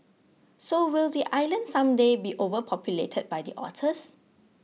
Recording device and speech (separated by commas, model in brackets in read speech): mobile phone (iPhone 6), read sentence